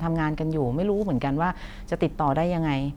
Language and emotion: Thai, neutral